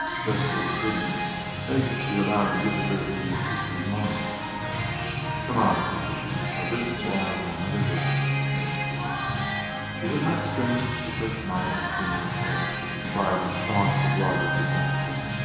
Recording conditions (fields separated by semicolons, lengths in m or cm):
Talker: one person; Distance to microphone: 1.7 m; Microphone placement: close; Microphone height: 1.0 m; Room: very reverberant, large; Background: music